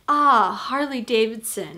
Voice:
Calm voice